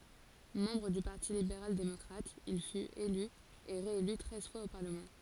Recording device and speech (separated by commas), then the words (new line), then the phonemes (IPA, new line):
forehead accelerometer, read sentence
Membre du Parti libéral démocrate, il fut, élu et réélu treize fois au parlement.
mɑ̃bʁ dy paʁti libeʁal demɔkʁat il fyt ely e ʁeely tʁɛz fwaz o paʁləmɑ̃